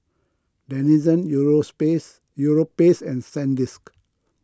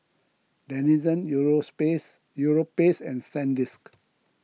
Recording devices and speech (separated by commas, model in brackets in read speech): close-talking microphone (WH20), mobile phone (iPhone 6), read sentence